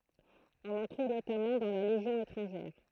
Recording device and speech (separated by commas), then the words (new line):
throat microphone, read sentence
On en trouve notamment dans la Légion étrangère.